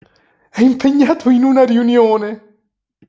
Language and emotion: Italian, happy